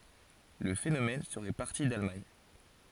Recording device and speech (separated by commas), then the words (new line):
forehead accelerometer, read sentence
Le phénomène serait parti d’Allemagne.